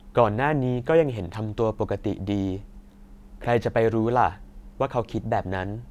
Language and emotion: Thai, neutral